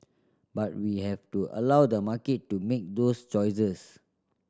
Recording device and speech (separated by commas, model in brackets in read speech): standing microphone (AKG C214), read sentence